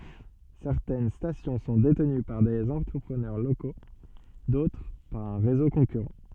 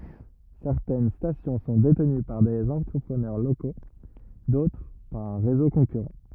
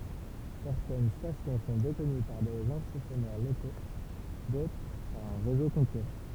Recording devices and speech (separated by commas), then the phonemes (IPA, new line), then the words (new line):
soft in-ear microphone, rigid in-ear microphone, temple vibration pickup, read sentence
sɛʁtɛn stasjɔ̃ sɔ̃ detəny paʁ dez ɑ̃tʁəpʁənœʁ loko dotʁ paʁ œ̃ ʁezo kɔ̃kyʁɑ̃
Certaines stations sont détenues par des entrepreneurs locaux, d'autres par un réseau concurrent.